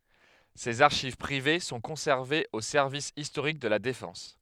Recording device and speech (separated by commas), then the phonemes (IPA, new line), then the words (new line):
headset microphone, read sentence
sez aʁʃiv pʁive sɔ̃ kɔ̃sɛʁvez o sɛʁvis istoʁik də la defɑ̃s
Ses archives privées sont conservées au service historique de la Défense.